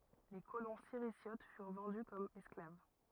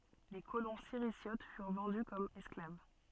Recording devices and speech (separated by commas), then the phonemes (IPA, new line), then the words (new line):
rigid in-ear microphone, soft in-ear microphone, read sentence
le kolɔ̃ siʁizjot fyʁ vɑ̃dy kɔm ɛsklav
Les colons Sirisiotes furent vendus comme esclaves.